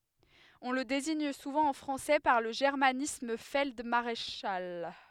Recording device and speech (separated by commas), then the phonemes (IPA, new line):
headset microphone, read sentence
ɔ̃ lə deziɲ suvɑ̃ ɑ̃ fʁɑ̃sɛ paʁ lə ʒɛʁmanism fɛld maʁeʃal